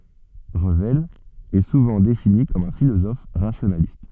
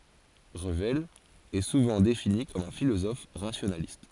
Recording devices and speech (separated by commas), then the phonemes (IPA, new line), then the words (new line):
soft in-ear microphone, forehead accelerometer, read sentence
ʁəvɛl ɛ suvɑ̃ defini kɔm œ̃ filozɔf ʁasjonalist
Revel est souvent défini comme un philosophe rationaliste.